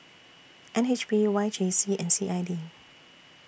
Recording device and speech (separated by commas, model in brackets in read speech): boundary microphone (BM630), read sentence